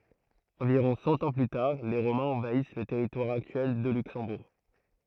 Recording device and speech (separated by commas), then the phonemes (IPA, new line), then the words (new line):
throat microphone, read sentence
ɑ̃viʁɔ̃ sɑ̃ ɑ̃ ply taʁ le ʁomɛ̃z ɑ̃vais lə tɛʁitwaʁ aktyɛl də lyksɑ̃buʁ
Environ cent ans plus tard, les Romains envahissent le territoire actuel de Luxembourg.